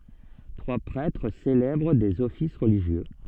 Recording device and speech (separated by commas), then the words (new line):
soft in-ear microphone, read sentence
Trois prêtres célèbrent des offices religieux.